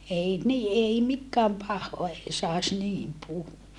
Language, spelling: Finnish, ei niin ei mikään pahaa ei saisi niin puhua
- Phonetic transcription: ei ni ʼei mikkääm pahhoa ei sàes niim puhuva .

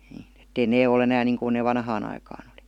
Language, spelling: Finnish, niin että ei ne ole enää niin kuin ne vanhaan aikaan oli
- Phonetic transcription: NIIN ‿ettei 'nee o"l ‿enään niiŋkun nee 'vanhaan ‿aikaan ‿°li .

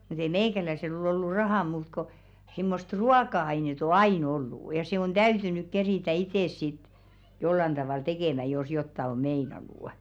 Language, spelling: Finnish, mutta ei meikäläisellä ole ollut rahaa muuta kuin semmoista ruoka-ainetta on aina ollut ja se on täytynyt keritä itse sitten jollakin tavalla tekemään jos jotakin on meinannut
- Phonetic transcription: mut ‿ei "meikäläisel ‿ol ‿ollu 'rahà muut ko , simmost "ruaka₍ainet ‿o "aì'n ‿ollù , ja se on "ᴅäytynyk 'kerìtä 'itès sit , jollan 'ᴅaval "tekèmä jos 'jotta o "meinanù' .

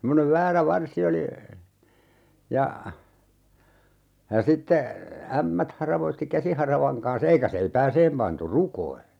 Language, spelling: Finnish, semmoinen väärä varsi oli ja ja sitten ämmät haravoi käsiharavan kanssa eikä seipääseen pantu rukoihin
- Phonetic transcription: semmonev 'väärä "varsi oli , ja , ja 'sitte , 'ämmät 'haravoitti "käsiharavaŋ kan's ‿eikä 'seipääseem pantu "rukoi .

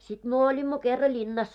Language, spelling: Finnish, sitten me olimme kerran linnassa
- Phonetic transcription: sit 'myö oĺimmo 'kerra "ĺinnas .

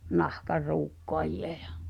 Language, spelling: Finnish, ja nahanruukkaajia ja
- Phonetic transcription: ᴊᴀ’ , 'nahkar̆"ruukkoaji₍a̭ jᴀ .

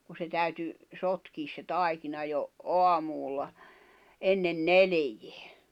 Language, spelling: Finnish, kun se täytyi sotkea se taikina jo aamulla ennen neljää
- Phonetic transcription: ku se 'täyty , 'sotkiis se "tài̬kina jo , 'oamuul̆la , 'ennen "nelᵉᴊᴇᴀ̈ .

